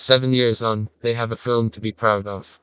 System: TTS, vocoder